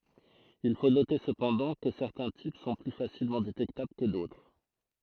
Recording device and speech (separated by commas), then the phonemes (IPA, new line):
throat microphone, read sentence
il fo note səpɑ̃dɑ̃ kə sɛʁtɛ̃ tip sɔ̃ ply fasilmɑ̃ detɛktabl kə dotʁ